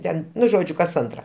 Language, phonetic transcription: Lithuanian, ˈten ˈnu ˈžodžiu kas ˈantra

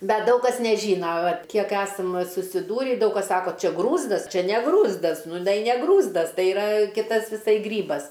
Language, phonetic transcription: Lithuanian, ˈbet ˈdaug kas neˈžyna ˈvat ˈkiek ˈesam susiˈdūri ˈdaug kas ˈsako ˈčia ˈgrūzdas ˈčia ne ˈgrūzdas nu ˈnai ne ˈgrūzdas ˈtai iˈra ˈkitas viˈsai ˈgrybas

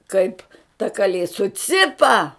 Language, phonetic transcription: Lithuanian, ˈkaip ta kaˈlė suˈcipa

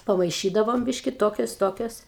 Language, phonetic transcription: Lithuanian, pamaiˈšydavom ˈbiški ˈtokios ˈtokios

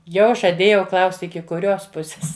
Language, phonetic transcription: Lithuanian, ˈjau žaˈdėjau ˈklaust' iki kuˈrios ˈpusės

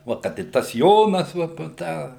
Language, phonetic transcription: Lithuanian, ˈva kad i ˈtas ˈjonas ˈva ˈpo ˈtą

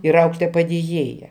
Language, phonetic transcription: Lithuanian, ir ˈauklėtoja padėˈjėja

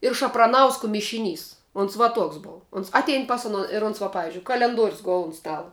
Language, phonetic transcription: Lithuanian, ir šapraˈnausko mišiˈnys uns va ˈtuoks ˈbov ˈuns ˈatein ˈpas uˌno ir ˈuns va paˈvizdžiui kalenˈduorius ˈgul un ˈstala

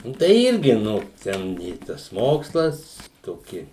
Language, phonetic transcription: Lithuanian, ˈnu tai ˈirgi ˈnu ˈten i ˈtas ˈmokslas toˈki

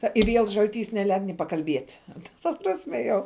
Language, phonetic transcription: Lithuanian, ˈta i viel žalˈtys neˈleid ni pakalˈbiet' ta ta ˈprasme jau

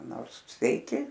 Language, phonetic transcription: Lithuanian, ˈnors sveiˈki

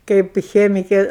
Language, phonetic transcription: Lithuanian, ˈkaip ˈchemikė

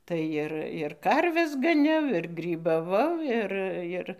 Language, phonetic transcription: Lithuanian, ˈtai ir ir ˈkarves gaˈniau ir grybaˈvau ˈir ˈir

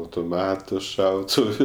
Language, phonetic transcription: Lithuanian, autoˈmatu ˈšautuvu

